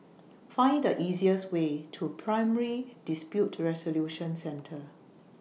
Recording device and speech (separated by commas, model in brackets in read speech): mobile phone (iPhone 6), read sentence